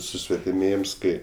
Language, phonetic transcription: Lithuanian, susvetiˈmėjims ˈkai

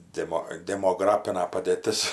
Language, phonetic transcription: Lithuanian, ˈdemo demoˈgrapina padėˈtis

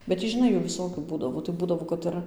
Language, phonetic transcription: Lithuanian, bet ˈtį žiˈnai ˈjų viˈsokių ˈbūdavo tai ˈbūdavo kad ˈir

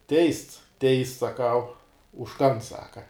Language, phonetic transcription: Lithuanian, ˈteists ˈteists saˈkau už ˈkan ˈsaka

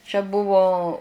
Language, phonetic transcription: Lithuanian, čia ˈbuvo

